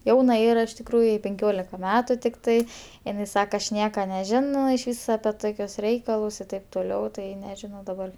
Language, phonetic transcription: Lithuanian, ˈjauna ˈyra iš tikˈrųju jai penˈkiolika ˈmetu tikˈtai iˈnai ˈsaka aš ˈnieka neˈžino išˈvys ape ˈtokius ˈreikalus i ˈtaip toˈliau ˈtai nežiˈnau daˈbar

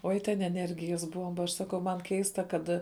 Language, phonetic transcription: Lithuanian, ˈoi ten eˈnergijas ˈbuomba aš ˈsaˌkau man ˈkeista ˈkad

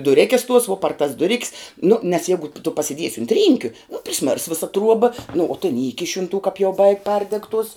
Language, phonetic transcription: Lithuanian, duˈrėkes tuos vuo par tas duˈrik's nu nes ˈjeigu tu pasiˈdiesi unt ˈrynkiu nu priˈsmirs ˈvisa ˈtruoba nu o tin ˈįkiš' un tuo kap jau baig' ˈpardeg tuos

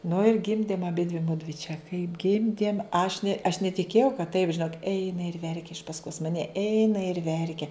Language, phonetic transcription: Lithuanian, nu ir ˈgimdėm aˈbidvi ˈmudvi čia kaip ˈgimdėm aš ne aš netiˈkėjau kad taip žiˈnok ˈeina ir ˈverkia iš pasˈkos maˈne ˈeina ir ˈverkia

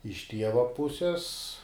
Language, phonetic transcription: Lithuanian, iš ˈtieva ˈpuses

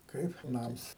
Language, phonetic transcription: Lithuanian, ˈkaip ˈnams

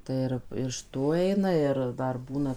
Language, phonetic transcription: Lithuanian, ˈtai ir iš ˈtų ˈeina ˈir ˈdar ˈbūna

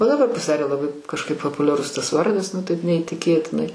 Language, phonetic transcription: Lithuanian, o daˈbar pasiˈdarė laˈbai kažˈkaip papuliaˈrus tas ˈvardas nu ˈtaip neįtiˈkėtinai

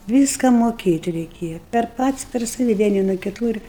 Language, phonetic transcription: Lithuanian, ˈvyska moˈkėt' reiˈkėja per ˈpats per ˈsavi ˈvieni nuo kiˈtų ir

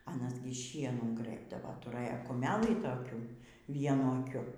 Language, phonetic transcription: Lithuanian, aˈnas ˈgi ˈšienų ˈgrɘbdava tuˈrɘja kuˈmelį toˈkių ˈvienu aˈkiu

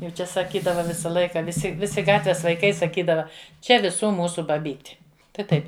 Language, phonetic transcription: Lithuanian, jau ˈčia saˈkydava ˈvisa ˈlaika viˈsi ˈvisi ˈgatves vaiˈkai saˈkydava ˈčia viˈsų ˈmūsu baˈbyti tai ˈtaip

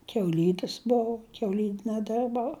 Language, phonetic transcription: Lithuanian, kiauˈlydis ˈbou kiauˈlyne ˈdirbau

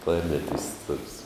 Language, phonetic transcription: Lithuanian, ˈklarneˌtists toks

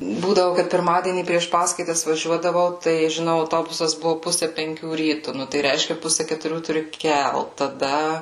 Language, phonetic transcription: Lithuanian, ˈbūdavu kad pirˈmadienį prieš ˈpaskaitas vaˈžiuodavau tai žiˈnau auˈtobusas ˈbuvu ˈpuse penˈkių ˈrytu ˈnu tai ˈreiškia ˈpuse ketuˈrių tuˈri ˈkelt taˈda

